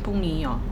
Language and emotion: Thai, neutral